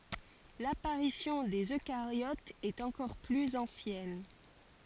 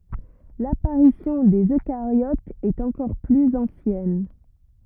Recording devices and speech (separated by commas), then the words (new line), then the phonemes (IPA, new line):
forehead accelerometer, rigid in-ear microphone, read sentence
L'apparition des eucaryotes est encore plus ancienne.
lapaʁisjɔ̃ dez økaʁjotz ɛt ɑ̃kɔʁ plyz ɑ̃sjɛn